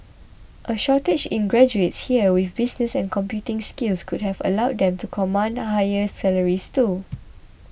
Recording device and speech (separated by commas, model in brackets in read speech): boundary microphone (BM630), read sentence